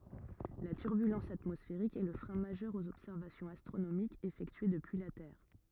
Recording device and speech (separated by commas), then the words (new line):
rigid in-ear microphone, read sentence
La turbulence atmosphérique est le frein majeur aux observations astronomiques effectuées depuis la Terre.